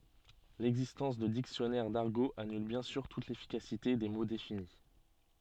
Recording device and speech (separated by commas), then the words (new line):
soft in-ear microphone, read sentence
L'existence de dictionnaires d'argot annule bien sûr toute l'efficacité des mots définis.